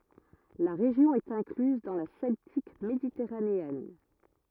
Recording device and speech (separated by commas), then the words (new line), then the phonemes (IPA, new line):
rigid in-ear microphone, read sentence
La région est incluse dans la Celtique méditerranéenne.
la ʁeʒjɔ̃ ɛt ɛ̃klyz dɑ̃ la sɛltik meditɛʁaneɛn